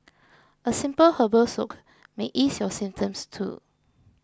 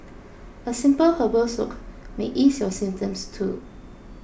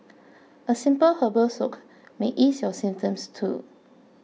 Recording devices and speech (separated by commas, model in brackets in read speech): close-talking microphone (WH20), boundary microphone (BM630), mobile phone (iPhone 6), read sentence